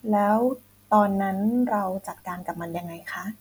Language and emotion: Thai, neutral